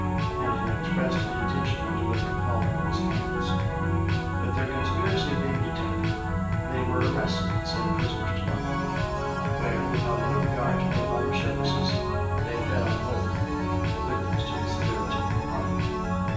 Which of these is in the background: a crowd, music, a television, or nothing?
Music.